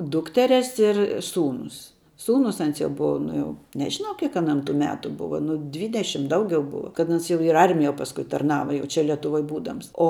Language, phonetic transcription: Lithuanian, ˈdukteres ir ˈsūnus ˈsūnus ˈans jau ˈbuva ˈnu jau nežiˈnau ˈkiek aˈnam tų ˈmetu ˈbuva ˈnu ˈdvydešim ˈdaugiau ˈbuva kad ˈans jau ir i ˈarmijo pasˈkui tarˈnava jau ˈčia lietuˈvoj ˈbūdams o

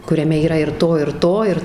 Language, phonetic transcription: Lithuanian, kuriaˈme yˈra ir ˈto ir ˈto ir

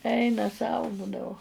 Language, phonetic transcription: Lithuanian, ˈeina sau ˈbūdavo

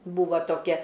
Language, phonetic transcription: Lithuanian, ˈbūva toˈkia

